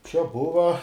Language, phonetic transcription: Lithuanian, čia ˈbuva

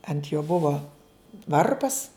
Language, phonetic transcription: Lithuanian, ant jo ˈbuvo ˈvarpas

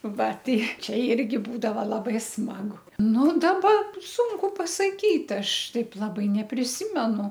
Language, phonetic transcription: Lithuanian, ˈva ˈtai ˈčia ˈirgi ˈbūdava laˈbai ˈsmagu ˈnu daˈba ˈsūnku pasaˈkyt ˈaš ˈtaip laˈbai nepriˈsimenu

